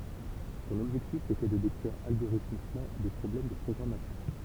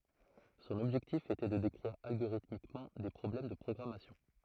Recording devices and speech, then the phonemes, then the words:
temple vibration pickup, throat microphone, read sentence
sɔ̃n ɔbʒɛktif etɛ də dekʁiʁ alɡoʁitmikmɑ̃ de pʁɔblɛm də pʁɔɡʁamasjɔ̃
Son objectif était de décrire algorithmiquement des problèmes de programmation.

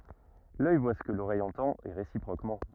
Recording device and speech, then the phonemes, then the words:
rigid in-ear microphone, read sentence
lœj vwa sə kə loʁɛj ɑ̃tɑ̃t e ʁesipʁokmɑ̃
L'œil voit ce que l'oreille entend et réciproquement.

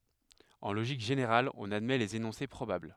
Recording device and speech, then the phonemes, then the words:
headset microphone, read sentence
ɑ̃ loʒik ʒeneʁal ɔ̃n admɛ lez enɔ̃se pʁobabl
En logique générale, on admet les énoncés probables.

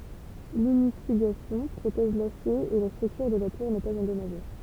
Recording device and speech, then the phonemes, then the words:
temple vibration pickup, read sentence
liɲifyɡasjɔ̃ pʁotɛʒ lasje e la stʁyktyʁ də la tuʁ nɛ paz ɑ̃dɔmaʒe
L'ignifugation protège l'acier et la structure de la tour n'est pas endommagée.

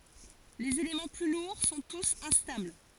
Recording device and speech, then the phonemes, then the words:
forehead accelerometer, read sentence
lez elemɑ̃ ply luʁ sɔ̃ tus ɛ̃stabl
Les éléments plus lourds sont tous instables.

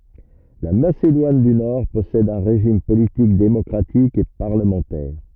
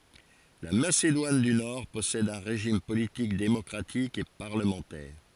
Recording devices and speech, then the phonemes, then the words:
rigid in-ear microphone, forehead accelerometer, read sentence
la masedwan dy nɔʁ pɔsɛd œ̃ ʁeʒim politik demɔkʁatik e paʁləmɑ̃tɛʁ
La Macédoine du Nord possède un régime politique démocratique et parlementaire.

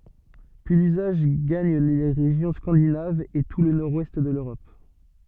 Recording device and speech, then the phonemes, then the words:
soft in-ear microphone, read sentence
pyi lyzaʒ ɡaɲ le ʁeʒjɔ̃ skɑ̃dinavz e tu lə nɔʁdwɛst də løʁɔp
Puis l'usage gagne les régions scandinaves et tout le nord-ouest de l'Europe.

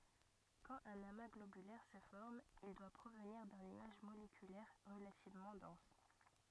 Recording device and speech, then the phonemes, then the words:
rigid in-ear microphone, read sentence
kɑ̃t œ̃n ama ɡlobylɛʁ sə fɔʁm il dwa pʁovniʁ dœ̃ nyaʒ molekylɛʁ ʁəlativmɑ̃ dɑ̃s
Quand un amas globulaire se forme, il doit provenir d'un nuage moléculaire relativement dense.

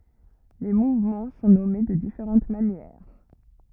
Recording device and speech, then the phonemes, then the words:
rigid in-ear microphone, read sentence
le muvmɑ̃ sɔ̃ nɔme də difeʁɑ̃t manjɛʁ
Les mouvements sont nommées de différentes manières.

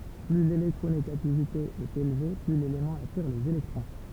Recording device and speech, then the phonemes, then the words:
temple vibration pickup, read sentence
ply lelɛktʁoneɡativite ɛt elve ply lelemɑ̃ atiʁ lez elɛktʁɔ̃
Plus l'électronégativité est élevée, plus l'élément attire les électrons.

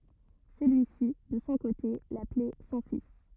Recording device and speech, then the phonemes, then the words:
rigid in-ear microphone, read sentence
səlyi si də sɔ̃ kote laplɛ sɔ̃ fis
Celui-ci, de son côté, l'appelait son fils.

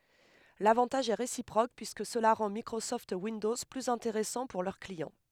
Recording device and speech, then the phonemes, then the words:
headset microphone, read sentence
lavɑ̃taʒ ɛ ʁesipʁok pyiskə səla ʁɑ̃ mikʁosɔft windɔz plyz ɛ̃teʁɛsɑ̃ puʁ lœʁ kliɑ̃
L’avantage est réciproque, puisque cela rend Microsoft Windows plus intéressant pour leurs clients.

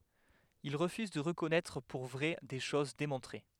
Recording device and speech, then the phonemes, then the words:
headset microphone, read sentence
il ʁəfyz də ʁəkɔnɛtʁ puʁ vʁɛ de ʃoz demɔ̃tʁe
Il refuse de reconnaître pour vraies des choses démontrées.

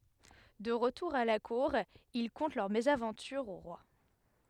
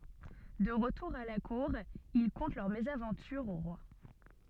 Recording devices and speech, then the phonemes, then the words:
headset microphone, soft in-ear microphone, read sentence
də ʁətuʁ a la kuʁ il kɔ̃tɑ̃ lœʁ mezavɑ̃tyʁ o ʁwa
De retour à la Cour, ils content leur mésaventure au roi.

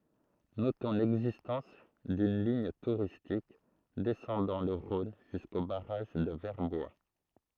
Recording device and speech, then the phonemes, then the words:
throat microphone, read sentence
notɔ̃ lɛɡzistɑ̃s dyn liɲ tuʁistik dɛsɑ̃dɑ̃ lə ʁɔ̃n ʒysko baʁaʒ də vɛʁbwa
Notons l'existence d'une ligne touristique descendant le Rhône jusqu'au barrage de Verbois.

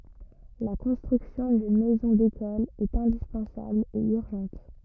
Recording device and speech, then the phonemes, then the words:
rigid in-ear microphone, read sentence
la kɔ̃stʁyksjɔ̃ dyn mɛzɔ̃ dekɔl ɛt ɛ̃dispɑ̃sabl e yʁʒɑ̃t
La construction d'une Maison d'École est indispensable et urgente.

